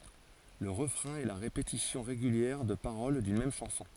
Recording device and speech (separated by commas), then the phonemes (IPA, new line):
forehead accelerometer, read sentence
lə ʁəfʁɛ̃ ɛ la ʁepetisjɔ̃ ʁeɡyljɛʁ də paʁol dyn mɛm ʃɑ̃sɔ̃